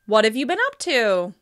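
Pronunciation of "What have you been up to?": The voice rises steeply at the end of the question, which sounds curious and interested.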